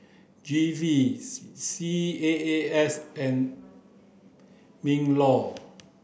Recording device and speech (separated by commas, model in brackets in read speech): boundary microphone (BM630), read sentence